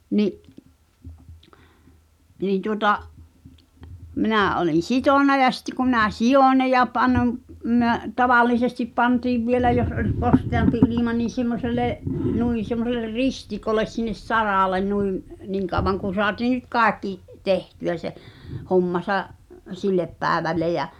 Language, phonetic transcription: Finnish, 'ni’ , niin̬ tuŏta’ , 'minä̀ ’olin̬ "sitòn̆na ja sitte ku minä "sijòn̆ ne ja (pannom- , mʸö-) , "tavallisestip 'pantiiv 'vielä jos 'oĺ , "kosteampi ilima niin̬ 'sᵉ̭mmoselle’ , 'nuin̬ semmosel̆ler "ristikoles sinnes "saràlen nuim , 'niiŋ kàw̆vaŋ kun̬ soatii nyt "kàekki , 'tehty₍ä se , 'hommasa’ , "sillep 'pääᵉvälle jä ,.
- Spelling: niin niin tuota minä olin sitonut ja sitten kun minä sidoin ne ja - - tavallisesti pantiin vielä jos oli kosteampi ilma niin semmoiselle noin semmoiselle ristikolle sinne saralle niin niin kauan kuin saatiin nyt kaikki tehtyä se hommansa sille päivälle ja

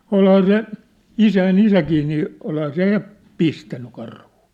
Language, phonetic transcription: Finnish, olhaa 'se , "isäi"n ‿isäkii nii , 'olhaa 'se ja , "pistänny 'karhᴜᴜ .
- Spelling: olihan se isäni isäkin niin olihan se ja pistänyt karhua

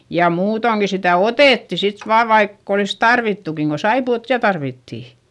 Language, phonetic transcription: Finnish, ja muutoŋki sitä̀ otètti sit vaav vaikk ‿olis tarvittukiŋ ko saipu₍ot ja tarvittì .
- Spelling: ja muutoinkin sitä otettiin sitten vain vaikka olisi tarvittukin kun saippuaa ja tarvittiin

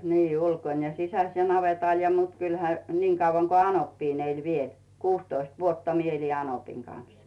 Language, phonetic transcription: Finnish, 'nii , 'ulkon ja 'sisäs ja 'navetàl ja mut 'kylhä , 'niiŋ kauvaŋ ko "anoppiin eĺ 'viel , 'kuustoist "vuotta 'mie eli 'anopiŋ kan̬s .
- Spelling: niin ulkona ja sisässä ja navetalla ja mutta kyllähän niin kauan kuin anoppi eli vielä kuusitoista vuotta minä elin anopin kanssa

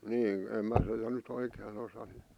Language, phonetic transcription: Finnish, 'niin , 'em mä se̳tä ny't ‿oikeen (osanu) .
- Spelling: niin en minä sitä nyt oikein osannut

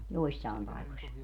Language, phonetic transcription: Finnish, 'joissàem paikoś .
- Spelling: joissain paikoissa

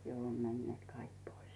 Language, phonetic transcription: Finnish, 'jo 'om 'männⁱeet "kaik 'pois .
- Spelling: jo on menneet kaikki pois

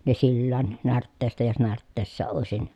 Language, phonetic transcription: Finnish, ne sillään närtteestä jos närtteessä òesin ,.
- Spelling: ne sillään närtteestä jos närtteessä olisi

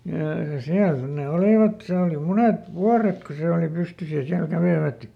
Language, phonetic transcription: Finnish, jà ˈsiäl sit ne "olìvat , ˈsee oli "munet "vuaret ku ˈse oli ˈpystys ja ˈsiäl ˈkävèvät .
- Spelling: ja siellä sitten ne olivat se oli monet vuodet kun se oli pystyssä ja siellä kävivät

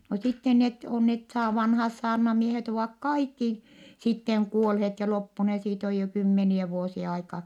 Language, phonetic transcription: Finnish, no sitten net , on net saa- , vanhaas saarnamiehet ‿ovàk kaikki , sitteŋ kuolhet ja loppune - siit ‿oj jo kymmeniɛ vuosie aika .
- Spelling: no sitten ne on ne - vanhat saarnamiehet ovat kaikki sitten kuolleet ja loppuneet siitä on jo kymmeniä vuosia aikaa

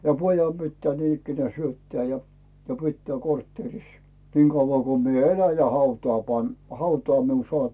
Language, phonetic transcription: Finnish, ja "pojam pittää niin ‿ikkenää 'syöttää ja , 'pittää 'kortteeris , 'niŋ Gauvvà ko mie "elä ja 'hautaa 'pan- , 'hautaa miun 'soàp .
- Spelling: ja pojan pitää niin ikään syöttää ja pitää kortteerissa niin kauan kun minä elän ja hautaan - hautaan minun saa

